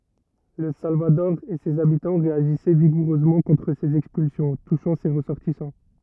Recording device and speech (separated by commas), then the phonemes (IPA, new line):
rigid in-ear microphone, read sentence
lə salvadɔʁ e sez abitɑ̃ ʁeaʒisɛ viɡuʁøzmɑ̃ kɔ̃tʁ sez ɛkspylsjɔ̃ tuʃɑ̃ se ʁəsɔʁtisɑ̃